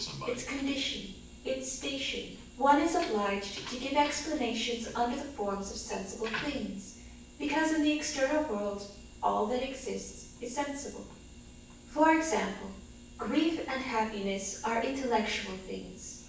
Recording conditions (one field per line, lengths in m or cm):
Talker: one person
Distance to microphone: 9.8 m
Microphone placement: far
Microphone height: 1.8 m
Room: large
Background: television